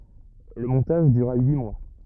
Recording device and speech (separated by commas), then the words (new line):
rigid in-ear microphone, read sentence
Le montage dura huit mois.